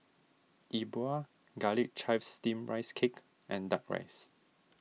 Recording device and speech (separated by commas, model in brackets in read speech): mobile phone (iPhone 6), read sentence